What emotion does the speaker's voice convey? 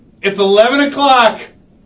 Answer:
angry